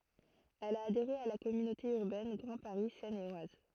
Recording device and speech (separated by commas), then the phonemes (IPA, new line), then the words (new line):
throat microphone, read sentence
ɛl a adeʁe a la kɔmynote yʁbɛn ɡʁɑ̃ paʁi sɛn e waz
Elle a adhéré à la Communauté urbaine Grand Paris Seine et Oise.